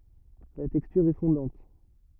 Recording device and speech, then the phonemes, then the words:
rigid in-ear microphone, read sentence
la tɛkstyʁ ɛ fɔ̃dɑ̃t
La texture est fondante.

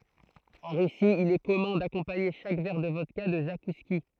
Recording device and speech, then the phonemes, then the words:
throat microphone, read sentence
ɑ̃ ʁysi il ɛ kɔmœ̃ dakɔ̃paɲe ʃak vɛʁ də vɔdka də zakuski
En Russie, il est commun d‘accompagner chaque verre de vodka de zakouskis.

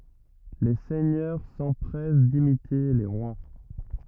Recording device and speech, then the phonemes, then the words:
rigid in-ear microphone, read sentence
le sɛɲœʁ sɑ̃pʁɛs dimite le ʁwa
Les seigneurs s'empressent d'imiter les rois.

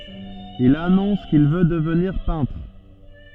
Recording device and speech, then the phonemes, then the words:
soft in-ear microphone, read sentence
il anɔ̃s kil vø dəvniʁ pɛ̃tʁ
Il annonce qu'il veut devenir peintre.

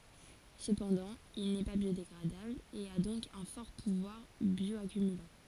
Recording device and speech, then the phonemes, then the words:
forehead accelerometer, read sentence
səpɑ̃dɑ̃ il nɛ pa bjodeɡʁadabl e a dɔ̃k œ̃ fɔʁ puvwaʁ bjɔakymylɑ̃
Cependant, il n'est pas biodégradable, et à donc un fort pouvoir bioaccumulant.

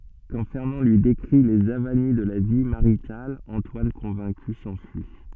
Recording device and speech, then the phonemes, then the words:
soft in-ear microphone, read sentence
kɑ̃ fɛʁnɑ̃ lyi dekʁi lez avani də la vi maʁital ɑ̃twan kɔ̃vɛ̃ky sɑ̃fyi
Quand Fernand lui décrit les avanies de la vie maritale, Antoine convaincu s'enfuit.

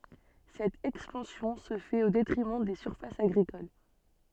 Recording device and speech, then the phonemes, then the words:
soft in-ear microphone, read sentence
sɛt ɛkspɑ̃sjɔ̃ sə fɛt o detʁimɑ̃ de syʁfasz aɡʁikol
Cette expansion se fait au détriment des surfaces agricoles.

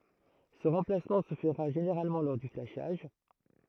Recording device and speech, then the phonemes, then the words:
throat microphone, read sentence
sə ʁɑ̃plasmɑ̃ sə fəʁa ʒeneʁalmɑ̃ lɔʁ dy flaʃaʒ
Ce remplacement se fera généralement lors du flashage.

